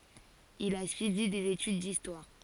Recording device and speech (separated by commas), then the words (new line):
forehead accelerometer, read sentence
Il a suivi des études d'histoire.